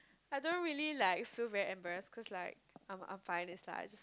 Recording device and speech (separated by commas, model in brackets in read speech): close-talking microphone, conversation in the same room